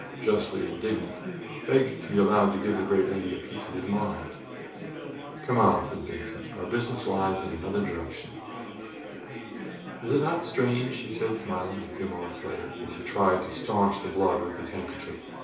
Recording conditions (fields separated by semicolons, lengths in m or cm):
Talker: one person; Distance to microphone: 3.0 m; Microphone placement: far; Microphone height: 1.8 m; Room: small (3.7 m by 2.7 m); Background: babble